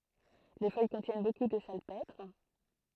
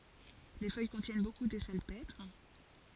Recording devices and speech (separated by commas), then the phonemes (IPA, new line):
throat microphone, forehead accelerometer, read sentence
le fœj kɔ̃tjɛn boku də salpɛtʁ